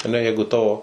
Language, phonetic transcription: Lithuanian, aˈne ˈjeigu ˈtavo

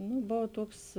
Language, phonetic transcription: Lithuanian, nu ˈbov ˈtuoks

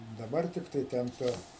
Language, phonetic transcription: Lithuanian, daˈbar ˈtiktai ˈten ˈtu

